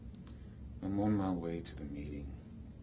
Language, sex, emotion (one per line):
English
male
sad